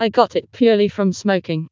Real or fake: fake